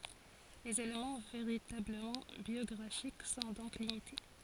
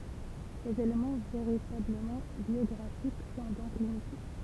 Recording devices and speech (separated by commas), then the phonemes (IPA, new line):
forehead accelerometer, temple vibration pickup, read sentence
lez elemɑ̃ veʁitabləmɑ̃ bjɔɡʁafik sɔ̃ dɔ̃k limite